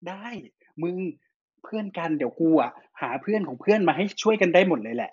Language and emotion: Thai, happy